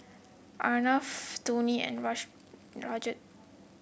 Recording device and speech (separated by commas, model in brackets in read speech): boundary microphone (BM630), read sentence